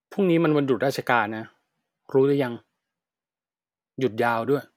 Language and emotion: Thai, frustrated